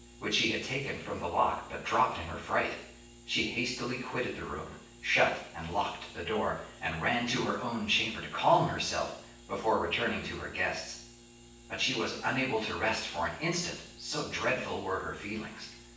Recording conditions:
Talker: one person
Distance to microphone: 9.8 m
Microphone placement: far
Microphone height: 1.8 m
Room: large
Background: none

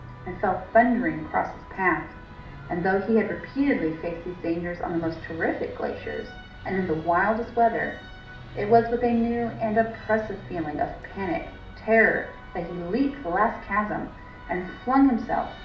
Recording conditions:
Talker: one person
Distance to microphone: 2.0 m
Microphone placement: close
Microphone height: 99 cm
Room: medium-sized (5.7 m by 4.0 m)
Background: music

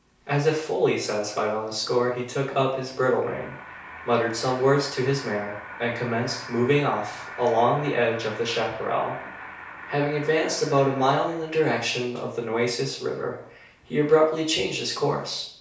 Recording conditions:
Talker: one person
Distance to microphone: 3.0 m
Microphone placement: far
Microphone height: 1.8 m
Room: small (3.7 m by 2.7 m)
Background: television

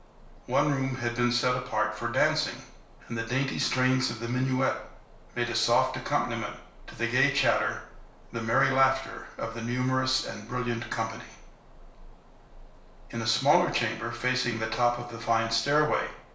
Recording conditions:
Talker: one person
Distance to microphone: 1.0 m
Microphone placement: close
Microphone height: 1.1 m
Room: small (3.7 m by 2.7 m)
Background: none

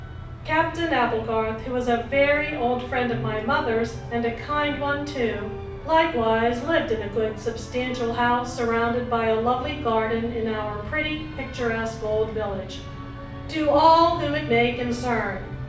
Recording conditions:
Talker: one person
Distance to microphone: 5.8 m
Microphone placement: far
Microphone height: 1.8 m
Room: medium-sized (5.7 m by 4.0 m)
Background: music

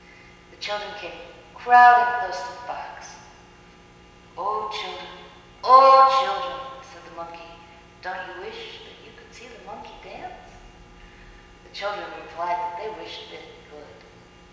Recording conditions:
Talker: one person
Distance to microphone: 1.7 m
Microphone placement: close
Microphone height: 1.0 m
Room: very reverberant, large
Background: none

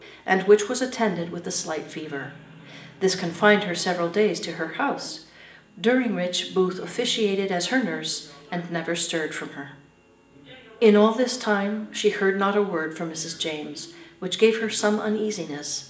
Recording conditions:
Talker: one person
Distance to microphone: 1.8 m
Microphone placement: close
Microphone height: 1.0 m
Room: large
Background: television

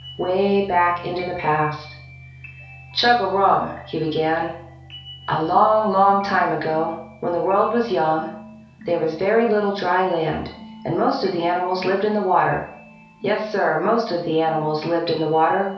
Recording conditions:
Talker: one person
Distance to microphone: 3.0 m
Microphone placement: far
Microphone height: 1.8 m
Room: small (3.7 m by 2.7 m)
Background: music

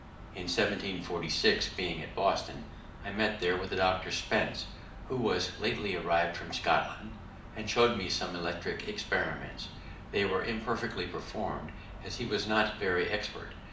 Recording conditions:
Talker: one person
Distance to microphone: 2.0 m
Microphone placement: close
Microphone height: 99 cm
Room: medium-sized (5.7 m by 4.0 m)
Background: none

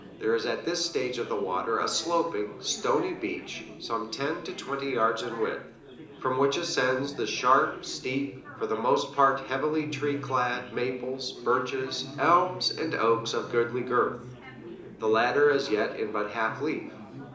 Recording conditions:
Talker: one person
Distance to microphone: 2.0 m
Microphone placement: close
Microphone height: 99 cm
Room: medium-sized (5.7 m by 4.0 m)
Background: babble

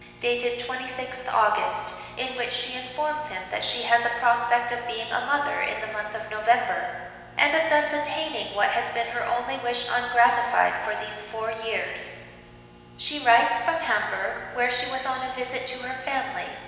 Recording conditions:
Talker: one person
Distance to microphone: 1.7 m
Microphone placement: close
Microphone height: 1.0 m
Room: very reverberant, large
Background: none

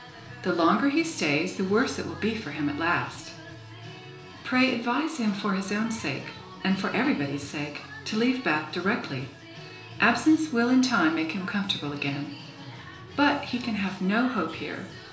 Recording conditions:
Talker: one person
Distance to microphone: 1.0 m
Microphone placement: close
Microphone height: 1.1 m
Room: small (3.7 m by 2.7 m)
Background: music

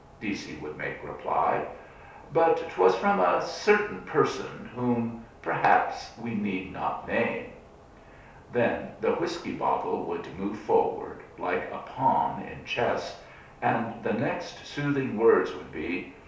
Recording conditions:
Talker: one person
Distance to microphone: 3.0 m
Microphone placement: far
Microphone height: 1.8 m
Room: small (3.7 m by 2.7 m)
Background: none

